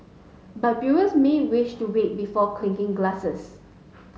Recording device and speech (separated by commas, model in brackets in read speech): mobile phone (Samsung S8), read sentence